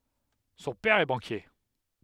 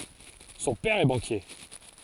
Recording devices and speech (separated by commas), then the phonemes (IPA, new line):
headset microphone, forehead accelerometer, read sentence
sɔ̃ pɛʁ ɛ bɑ̃kje